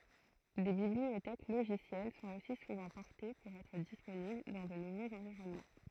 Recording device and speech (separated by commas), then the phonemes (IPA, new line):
throat microphone, read sentence
de bibliotɛk loʒisjɛl sɔ̃t osi suvɑ̃ pɔʁte puʁ ɛtʁ disponibl dɑ̃ də nuvoz ɑ̃viʁɔnmɑ̃